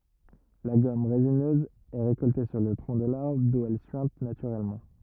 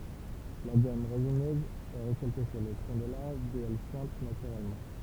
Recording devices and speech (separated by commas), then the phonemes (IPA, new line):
rigid in-ear microphone, temple vibration pickup, read sentence
la ɡɔm ʁezinøz ɛ ʁekɔlte syʁ lə tʁɔ̃ də laʁbʁ du ɛl syɛ̃t natyʁɛlmɑ̃